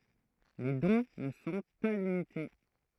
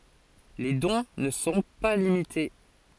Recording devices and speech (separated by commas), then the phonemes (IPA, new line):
throat microphone, forehead accelerometer, read sentence
le dɔ̃ nə sɔ̃ pa limite